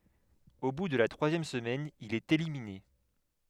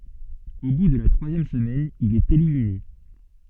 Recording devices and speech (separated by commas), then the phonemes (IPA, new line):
headset microphone, soft in-ear microphone, read sentence
o bu də la tʁwazjɛm səmɛn il ɛt elimine